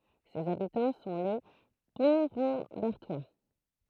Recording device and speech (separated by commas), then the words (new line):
throat microphone, read sentence
Ses habitants sont les Pontrambertois.